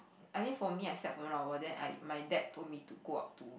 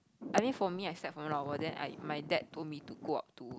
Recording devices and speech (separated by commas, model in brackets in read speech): boundary microphone, close-talking microphone, conversation in the same room